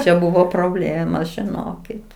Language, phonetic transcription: Lithuanian, čia ˈbuvo proˈblėmos žiˈnokit

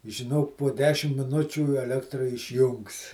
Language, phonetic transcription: Lithuanian, žiˈnok po ˈdešim miˈnučių eˈlektra išˈjungs

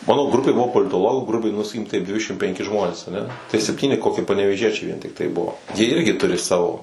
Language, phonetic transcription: Lithuanian, ˈmano ˈgrupė ˈbuvo politoˈlogų ˈgrubiai nu saˈkykim ˈtaip ˈdvidešimt penˈki ˈžmonės aˈne tai sepˈtyni ˈkoki panevėˈžiečiai vien tikˈtai ˈbuvo jie ˈirgi ˈturi ˈsavo

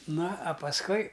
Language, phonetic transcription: Lithuanian, ˈna a pasˈkui

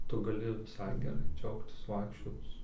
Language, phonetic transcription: Lithuanian, ˈtu gaˈli viˈsai geˈrai ˈdžiaugtis ˈvaikščioc

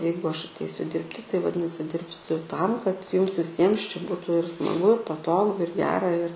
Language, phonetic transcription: Lithuanian, ˈjeigu ˈaš atˈeisiu ˈdirbti tai vaˈdinasi ˈdirbsiu ˈtam kad ˈjums viˈsiems čia ˈbūtu ir ˈsmagu ir paˈtogu ir ˈgera ir

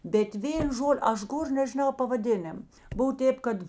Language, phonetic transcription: Lithuanian, bet ˈvėn ˈžol' ˈaš ˈgor nežiˈnau pavaˈdinim ˈbuvo ˈtėp ˈkad

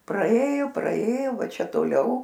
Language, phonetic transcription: Lithuanian, praˈėju praėju ˈva ˈčia toˈliau

